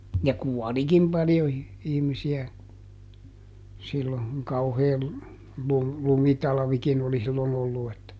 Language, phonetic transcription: Finnish, ja "kuɔlikim paljo i- , ˈihmisi₍ä , sillo , kuŋ ˈkauhee lu- , ˈlumitalᵃvikin ‿oli sillon ‿ollu että ,.
- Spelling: ja kuolikin paljon - ihmisiä silloin kun kauhea - lumitalvikin oli silloin ollut että

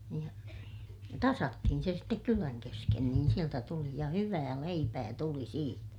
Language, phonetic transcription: Finnish, niij ja , tasattihin se stek kylän kesken niin sieltä tuli - ja hyvää leipää tuli siitä .
- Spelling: niin ja tasattiin se sitten kylän kesken niin sieltä tuli ja hyvää leipää tuli siitä

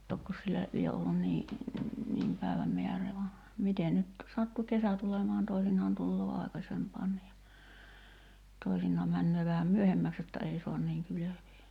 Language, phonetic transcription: Finnish, 'tokkos sillä , lie ollun nii , niim 'päi̬väm 'meär̆re[e] va , 'mite nyt , 'sattu "kesä tulemaan 'toisin̆naan tulloo 'ài̬kasempaanni ja , toisin̆naa männöö vähäm "myöhemmäks jotta 'ei so̭an niiŋ 'kylövee .
- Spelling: tokkos sillä lie ollut niin niin päivän määrää vaan miten nyt sattui kesä tulemaan toisinaan tulee aikaisempaankin ja toisinaan menee vähän myöhemmäksi jotta ei saa niin kylvää

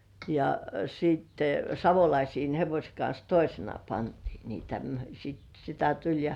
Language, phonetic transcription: Finnish, ja siitte , 'Savolaisiin hevośᵉ kans "toisena pantii niitä m- , sit sitä tuĺ ja .
- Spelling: ja sitten Savolaisten hevosen kanssa toisena pantiin niitä - sitten sitä tuli ja

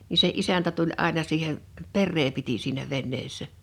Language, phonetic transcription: Finnish, ni se "’isäntä tuĺ '’àena siihe' , "perree piti siinä 'venneessä .
- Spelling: niin se isäntä tuli aina siihen perää piti siinä veneessä

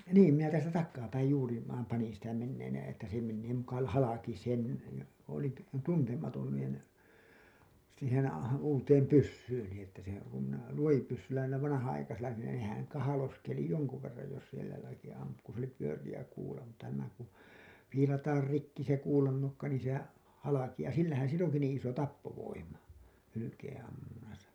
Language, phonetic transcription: Finnish, niim minä täältä 'takkaapäij juuri , vaam panin sitä menneen , että se mennee muka l- , halaki 'sen , ja olin t- , 'tuntematon nìn , siihen , uuteem 'pyssyyni että se , kum minä , 'luojipyssyllä niilä 'vanahan₍aikasilla nin ne , nehäŋ 'kahaloskeli 'joŋku verraj jos sielä jotaki ampu ku s ‿oli pyörijä kuula mutta nämä ku , 'fiilataar 'rikki se kuulannokka niin̬ sehä , halakiʲaa 'sillähän 'sill ‿oŋki niiḭ iso "tappovoima 'hylykeeḛ₍ammunnasa .
- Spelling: niin minä täältä takaapäin juuri vain panin sitä menemään että se menee muka - halki sen ja olin - tuntematon niin siihen uuteen pyssyyni että se kun minä luotipyssyllä niillä vanhanaikaisilla niin ne nehän kahloskeli jonkun verran jos siellä jotakin ampui kun se oli pyöreä kuula mutta nämä kun viilataan rikki se kuulannokka niin sehän halkeaa sillähän sillä onkin niin iso tappovoima hylkeenammunnassa

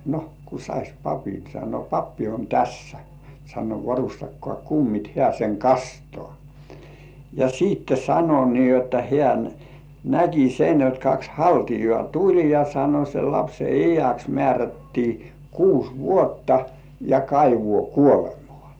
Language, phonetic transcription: Finnish, » no , ku sais "papin « sano » 'pappi on "tässä « , sano » "varustakkŏà 'kummit « 'hĕä̀ seŋ "kastŏà , ja siitte sano nii jotta 'hĕä̀ "näki sen jot 'kaks "haltijŏà 'tuĺ ja sano » sel 'lapse "ijäks mĕä̀rättii 'kus "vuotta , ja 'kaivŭò 'kuolemᴏ̆ᴀ̀ « .
- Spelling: no kun saisi papin sanoi pappi on tässä sanoi varustakaa kummit hän sen kastaa ja sitten sanoi niin jotta hän näki sen jotta kaksi haltiaa tuli ja sanoi sen lapsen iäksi määrättiin kuusi vuotta ja kaivoon kuolemaan

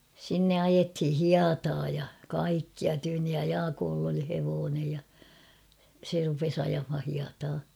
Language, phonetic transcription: Finnish, sinne 'ajethi "hiataa ja , "kaikkia tyynnij ja "Jaakooll ‿oli 'hevoonej ja , 'se rupes 'ajamha hiataa .
- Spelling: sinne ajettiin hietaa ja kaikkia tyynni ja Jaakolla oli hevonen ja se rupesi ajamaan hietaa

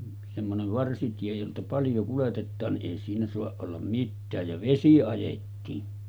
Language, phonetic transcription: Finnish, semmonev 'varsitie jolta 'paljo kuletettaan ni’ ’èi siinä soaˀ ˀollam 'mittääj ja 'vesi ajettiin .
- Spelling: semmoinen varsitie jolta paljon kuljetetaan niin ei siinä saa olla mitään ja vesi ajettiin

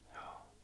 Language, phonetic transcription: Finnish, jᴏᴏ .
- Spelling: joo

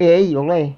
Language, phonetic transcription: Finnish, ei'ʲ ‿olè .
- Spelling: ei ole

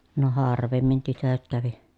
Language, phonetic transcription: Finnish, no haar̀vemmin tytöt kävi .
- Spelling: no harvemmin tytöt kävi

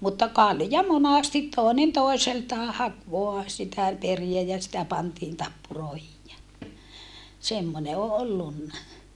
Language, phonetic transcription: Finnish, mutta kalja monastit tòinen tòiseltaa hak voa sitä periä ja sitä pantiin tappuròehij jä , semmone o ollunna .
- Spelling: mutta kalja monasti toinen toiseltaan haki vain sitä periä ja sitä pantiin tappuroihin ja semmoinen on ollut

